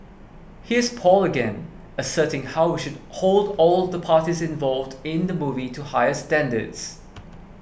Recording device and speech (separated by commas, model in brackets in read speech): boundary microphone (BM630), read sentence